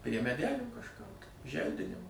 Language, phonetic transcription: Lithuanian, prie meˈdelių kažˈkur tai ˈželdinima

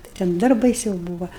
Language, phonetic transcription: Lithuanian, tai ˈten ˈdar baiˈsiau ˈbūva

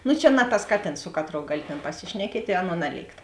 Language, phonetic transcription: Lithuanian, nu čia na tas ˈkaˌtėns ˈsu kaˌtrou ˈgali tėn paˈsišnekiet' i ˈaˌnuo ˈnaˌlėikt

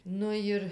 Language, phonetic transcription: Lithuanian, ˈnu jir

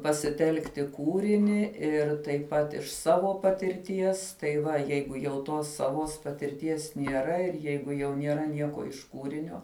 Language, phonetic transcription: Lithuanian, pasiˈtelkti ˈkūrini ir taip ˈpat iš ˈsavo patirˈties tai ˈva ˈjeigu jau ˈtos saˈvos patirˈties nieˈra ir ˈjeigu jau nieˈra ˈnieko iš ˈkūrinio

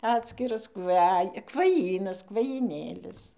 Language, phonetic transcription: Lithuanian, ˈatskiras ˈkvaj kvaˈjynas kvajyˈnėlis

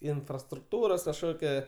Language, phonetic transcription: Lithuanian, infrastrukˈtūros kažˈkokia

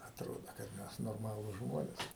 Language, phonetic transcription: Lithuanian, atˈrodo kad ˈmes norˈmalūs ˈžmonės

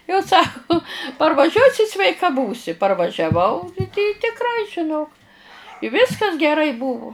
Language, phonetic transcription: Lithuanian, jau ˈsaku parvaˈžiuosi sveiˈka ˈbūsi parvažiaˈvau i tikˈrai žiˈnok i ˈviskas geˈrai ˈbuvu

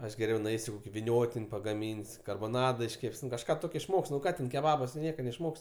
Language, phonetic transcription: Lithuanian, ˈaš geˈriau nuˈeisiu ˈkoki viˈniotin' pagaˈmyn's' karboˈnada išˈkep's' nu kažˈką išˈmok's' nu ˈką ten keˈbabas tu ˈnieka neišˈmok's'

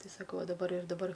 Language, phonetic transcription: Lithuanian, ˈti saˈkau a daˈbar ir daˈbar

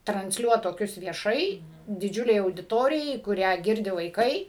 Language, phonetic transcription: Lithuanian, transˈliuot toˈkius vieˈšai diˈdžiulei audiˈtorijai kuˈrią ˈgirdi vaiˈkai

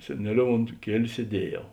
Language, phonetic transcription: Lithuanian, seˈneˌliou ont ˈkieliu sieˈdieˌjau

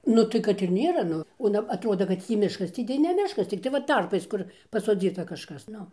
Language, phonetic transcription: Lithuanian, nu ˈtai kad ir ˈnėra ˈnu o aˈna aˈtrodo kad ˈtį ˈmiškas ˈtį tai ne ˈmiškas ˈciktai va ˈtarpais ˈkur pasoˈdzyta kažˈkas ˈnu

